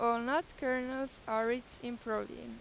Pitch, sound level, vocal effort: 240 Hz, 93 dB SPL, loud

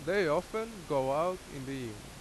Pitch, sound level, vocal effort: 135 Hz, 89 dB SPL, loud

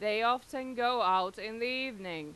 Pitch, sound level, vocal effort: 235 Hz, 96 dB SPL, loud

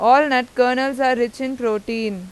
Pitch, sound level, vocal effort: 250 Hz, 93 dB SPL, loud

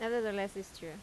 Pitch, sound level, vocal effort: 200 Hz, 83 dB SPL, normal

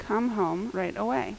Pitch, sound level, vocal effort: 190 Hz, 80 dB SPL, normal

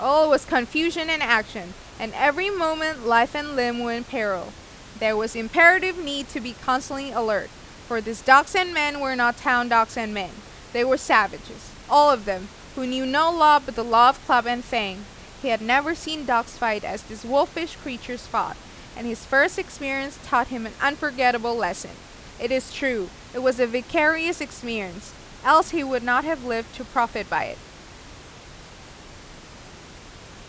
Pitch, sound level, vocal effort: 250 Hz, 92 dB SPL, loud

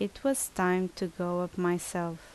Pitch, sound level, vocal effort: 180 Hz, 78 dB SPL, normal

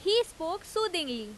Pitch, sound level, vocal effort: 360 Hz, 91 dB SPL, very loud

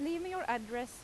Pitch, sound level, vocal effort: 270 Hz, 89 dB SPL, loud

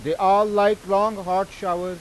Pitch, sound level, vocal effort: 195 Hz, 100 dB SPL, very loud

